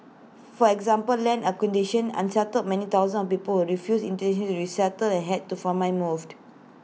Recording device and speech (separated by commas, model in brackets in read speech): mobile phone (iPhone 6), read sentence